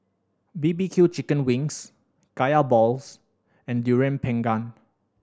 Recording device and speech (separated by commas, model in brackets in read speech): standing microphone (AKG C214), read sentence